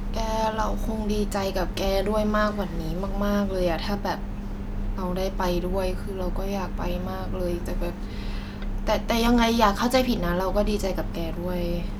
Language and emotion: Thai, frustrated